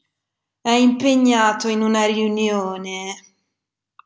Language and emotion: Italian, disgusted